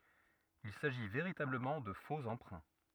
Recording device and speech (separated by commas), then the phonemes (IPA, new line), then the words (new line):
rigid in-ear microphone, read sentence
il saʒi veʁitabləmɑ̃ də fo ɑ̃pʁɛ̃
Il s'agit véritablement de faux emprunts.